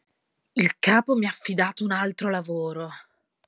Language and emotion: Italian, angry